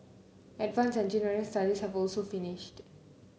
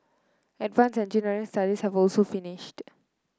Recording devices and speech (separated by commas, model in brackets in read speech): mobile phone (Samsung C9), close-talking microphone (WH30), read sentence